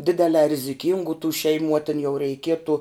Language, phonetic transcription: Lithuanian, ˈdidelē riziˈkingų tų šeiˈmų a tin jau reiˈkietu

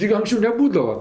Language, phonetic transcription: Lithuanian, ˈtig anksˈčiau neˈbūdava

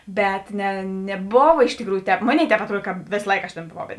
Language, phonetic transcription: Lithuanian, ˈbet ne neˈbova iš tikˈrųjų ˈtēp ˈmoˌnėi ˈtēp atˈruod kad ˈvėsa ˈlaika aš ˈtėn boˈvau

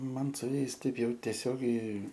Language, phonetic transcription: Lithuanian, ˈman su ˈjais ˈtaip ˈjau teˈsiogiai

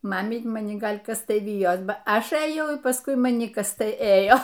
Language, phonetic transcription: Lithuanian, ˈmamyt' maˈni ˈgal' ˈkas ˈtai ˈvijos ˈba ˈaš ɘˈjau ir pasˈkui maˈni ˈkas ˈtai ˈėjo

